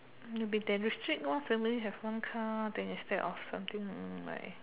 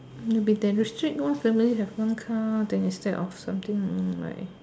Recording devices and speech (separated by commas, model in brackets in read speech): telephone, standing microphone, conversation in separate rooms